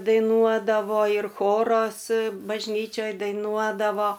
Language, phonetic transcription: Lithuanian, daiˈnuodavo ir ˈchoros bažˈnyčioj daiˈnuodavo

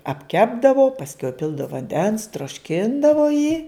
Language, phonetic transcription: Lithuanian, apˈkepdavo pasˈkiau iˈpildav vanˈdens trošˈkindavo jį

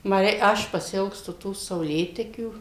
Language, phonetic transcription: Lithuanian, ˈma ˈrei ˈaš pasiˈilgstu ˈtų sauˈlėtekių

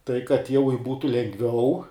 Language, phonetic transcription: Lithuanian, tai kad jau ir ˈbūtu lengˈviau

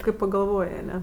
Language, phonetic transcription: Lithuanian, kai pagalˈvoj aˈne

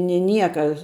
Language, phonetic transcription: Lithuanian, ni ˈnieka

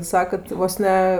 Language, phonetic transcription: Lithuanian, ˈsakat ˈvos ne

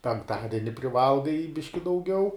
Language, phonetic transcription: Lithuanian, penkˈtadeni priˈvalgai ˈbiški dauˈgiau

